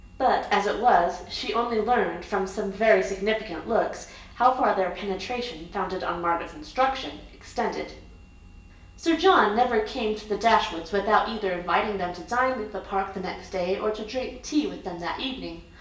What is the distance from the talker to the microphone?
1.8 m.